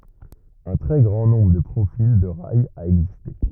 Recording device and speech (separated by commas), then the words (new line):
rigid in-ear microphone, read sentence
Un très grand nombre de profils de rails a existé.